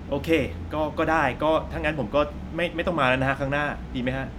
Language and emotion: Thai, frustrated